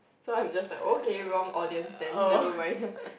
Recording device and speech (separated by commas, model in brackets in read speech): boundary microphone, conversation in the same room